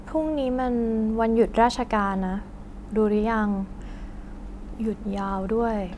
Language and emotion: Thai, frustrated